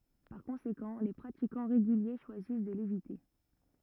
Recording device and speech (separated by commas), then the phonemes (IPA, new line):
rigid in-ear microphone, read sentence
paʁ kɔ̃sekɑ̃ le pʁatikɑ̃ ʁeɡylje ʃwazis də levite